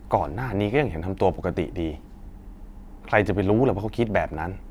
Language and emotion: Thai, frustrated